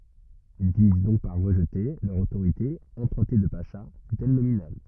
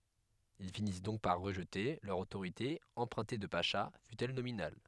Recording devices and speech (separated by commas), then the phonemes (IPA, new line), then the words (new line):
rigid in-ear microphone, headset microphone, read sentence
il finis dɔ̃k paʁ ʁəʒte lœʁ otoʁite ɑ̃pʁœ̃te də paʃa fytɛl nominal
Ils finissent donc par rejeter, leur autorité empruntée de pacha, fut-elle nominale.